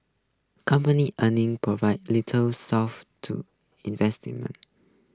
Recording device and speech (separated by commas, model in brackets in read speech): close-talking microphone (WH20), read sentence